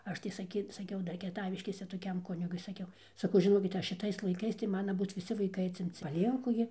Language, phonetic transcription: Lithuanian, ˈaš tai saˈky saˈkiau ˈdar kieˈtaviškėse toˈkiam ˈkunigui saˈkiau saˈkau žiˈnokit jei šiˈtais laiˈkais tai ˈmana ˈbūt viˈsi vaiˈkai atsimˈci paˈlienku gi

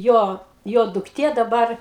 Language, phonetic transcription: Lithuanian, ˈjo ˈjo dukˈtė daˈbar

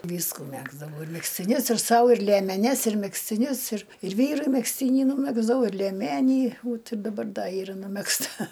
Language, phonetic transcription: Lithuanian, ˈvysku ˈmegzdavau ir megztiˈnius ir ˈsau ir liemeˈnes ir megztiˈnius ir ir ˈvyrui megzˈtyni nūˈmegzdavau ir lieˈmenį ˈvot ir daˈbar ˈda ˈyra numegzˈta

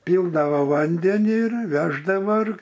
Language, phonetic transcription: Lithuanian, ˈpyldavo ˈvandenį ir ˈveždavo ir

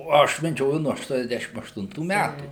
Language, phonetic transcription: Lithuanian, o ˈaš meˈdžioju nuo aštuoniasˈdæšim aštunˈtų ˈmætų

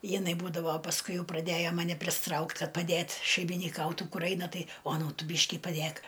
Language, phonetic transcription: Lithuanian, jiˈnai ˈbūdavo pasˈkui ˈjau praˈdėjo maˈne prisiˈtraukt ˈkad paˈdėt šeiminiˈkautu ˈkur ˈaina ˈtai oˈnūt ˈtu ˈbyški paˈdėk

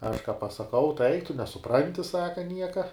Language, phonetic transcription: Lithuanian, aš ką pasaˈkau tai ˈaik tu nesuˈpranti ˈsaka ˈnieka

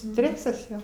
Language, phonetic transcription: Lithuanian, ˈstresas ˈjo

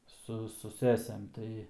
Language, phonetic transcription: Lithuanian, ˈsu su ˈsesėm ˈtai

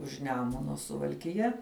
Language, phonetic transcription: Lithuanian, už ˈnemuno suvalkiˈja

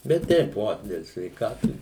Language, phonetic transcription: Lithuanian, bet ˈteip ˈo del sveikatu

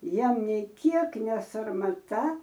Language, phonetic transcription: Lithuanian, ˈjiem nei ˈkiek nesarmaˈta

